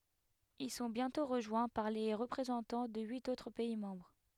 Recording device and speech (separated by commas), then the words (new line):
headset microphone, read sentence
Ils sont bientôt rejoints par les représentants de huit autres pays membres.